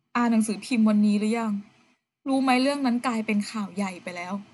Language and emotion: Thai, sad